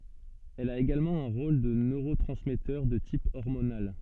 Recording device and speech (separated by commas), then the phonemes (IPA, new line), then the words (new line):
soft in-ear microphone, read sentence
ɛl a eɡalmɑ̃ œ̃ ʁol də nøʁotʁɑ̃smɛtœʁ də tip ɔʁmonal
Elle a également un rôle de neurotransmetteur de type hormonal.